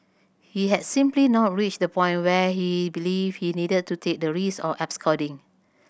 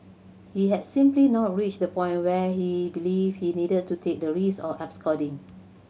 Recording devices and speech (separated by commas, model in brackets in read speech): boundary microphone (BM630), mobile phone (Samsung C7100), read sentence